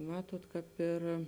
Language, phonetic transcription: Lithuanian, ˈmatuot kāp ˈir

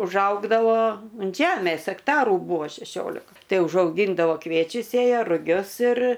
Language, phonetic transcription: Lithuanian, užˈaugdavo unt ˈžemės akˈtaru ˈbūvo šeˈšiolika ˈtai užauˈgyndavo ˈkviečius ˈsėja ruˈgius ir

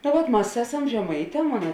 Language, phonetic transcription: Lithuanian, no ˈvat ˈmas ˈeˌsam žeˈmaiˌtē ˈmona

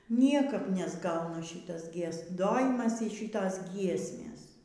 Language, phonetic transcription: Lithuanian, ˈniekap nesˈgauna ˈšitas gieˈs dojimas y ˈšitos ˈgiesmės

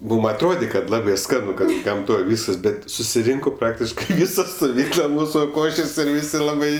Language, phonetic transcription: Lithuanian, ˈmūm atˈrodė kad ˈlabė ˈskanu ˈkad gamˈtoj ˈvyskas ˈbet susiˈrinko ˈpraktiškai ˈvysa stuˈvykla ˈmūsu ˈkošės' ir ˈvisi ˈlabai

